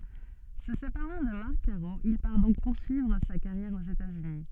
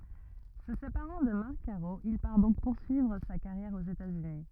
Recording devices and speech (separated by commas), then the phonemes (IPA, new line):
soft in-ear microphone, rigid in-ear microphone, read sentence
sə sepaʁɑ̃ də maʁk kaʁo il paʁ dɔ̃k puʁsyivʁ sa kaʁjɛʁ oz etatsyni